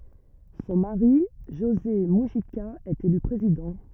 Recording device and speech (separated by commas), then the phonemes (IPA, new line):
rigid in-ear microphone, read sentence
sɔ̃ maʁi ʒoze myʒika ɛt ely pʁezidɑ̃